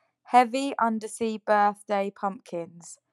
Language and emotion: English, angry